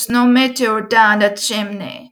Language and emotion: English, sad